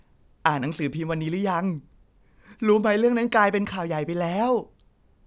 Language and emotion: Thai, happy